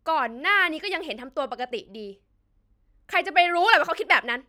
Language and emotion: Thai, angry